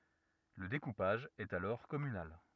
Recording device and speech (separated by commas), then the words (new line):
rigid in-ear microphone, read sentence
Le découpage est alors communal.